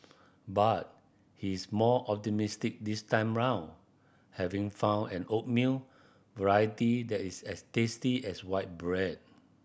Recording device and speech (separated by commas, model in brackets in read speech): boundary microphone (BM630), read sentence